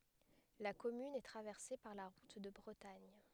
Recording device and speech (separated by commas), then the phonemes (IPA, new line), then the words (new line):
headset microphone, read sentence
la kɔmyn ɛ tʁavɛʁse paʁ la ʁut də bʁətaɲ
La commune est traversée par la route de Bretagne.